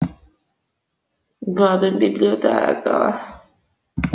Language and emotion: Italian, sad